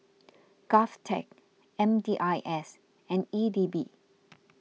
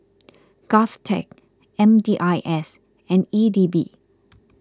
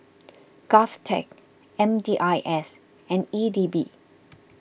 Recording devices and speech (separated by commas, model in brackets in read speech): mobile phone (iPhone 6), close-talking microphone (WH20), boundary microphone (BM630), read sentence